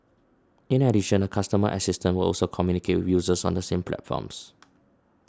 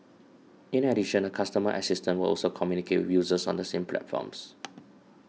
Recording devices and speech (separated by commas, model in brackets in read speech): standing microphone (AKG C214), mobile phone (iPhone 6), read sentence